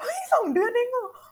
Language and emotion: Thai, happy